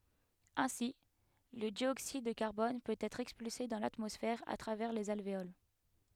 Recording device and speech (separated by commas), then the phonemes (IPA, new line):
headset microphone, read sentence
ɛ̃si lə djoksid də kaʁbɔn pøt ɛtʁ ɛkspylse dɑ̃ latmɔsfɛʁ a tʁavɛʁ lez alveol